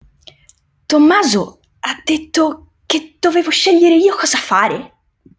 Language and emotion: Italian, surprised